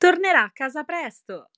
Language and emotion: Italian, happy